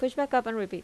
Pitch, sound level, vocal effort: 250 Hz, 83 dB SPL, normal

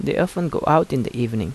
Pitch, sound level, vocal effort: 150 Hz, 80 dB SPL, soft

